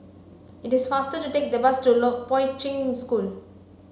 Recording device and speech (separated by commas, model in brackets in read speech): mobile phone (Samsung C5), read sentence